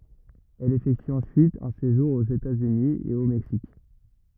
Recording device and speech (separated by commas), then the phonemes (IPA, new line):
rigid in-ear microphone, read sentence
ɛl efɛkty ɑ̃syit œ̃ seʒuʁ oz etatsyni e o mɛksik